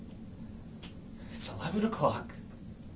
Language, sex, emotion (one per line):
English
male
fearful